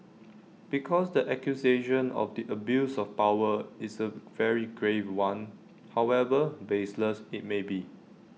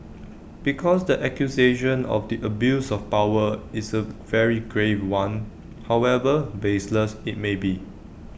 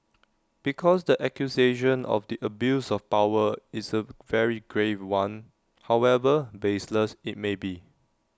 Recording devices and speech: mobile phone (iPhone 6), boundary microphone (BM630), standing microphone (AKG C214), read sentence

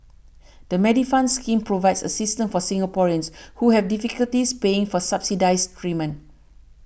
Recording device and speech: boundary microphone (BM630), read sentence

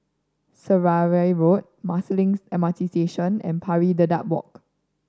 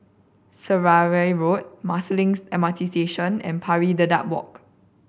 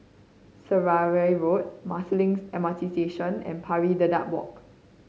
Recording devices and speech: standing microphone (AKG C214), boundary microphone (BM630), mobile phone (Samsung C5010), read sentence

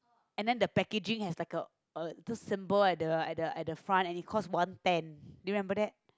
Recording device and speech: close-talking microphone, conversation in the same room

